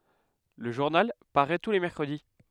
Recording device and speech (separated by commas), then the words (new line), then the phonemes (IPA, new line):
headset microphone, read sentence
Le journal paraît tous les mercredis.
lə ʒuʁnal paʁɛ tu le mɛʁkʁədi